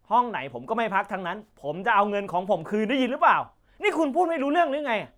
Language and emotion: Thai, angry